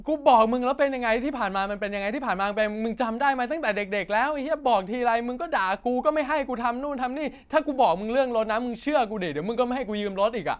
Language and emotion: Thai, angry